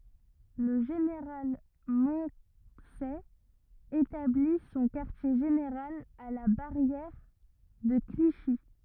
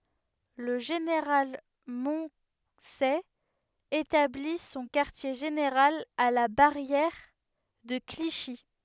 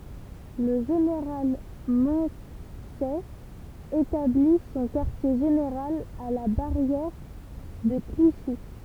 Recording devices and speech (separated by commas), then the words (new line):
rigid in-ear microphone, headset microphone, temple vibration pickup, read sentence
Le général Moncey établit son quartier général à la barrière de Clichy.